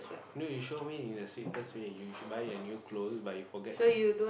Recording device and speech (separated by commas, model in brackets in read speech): boundary microphone, conversation in the same room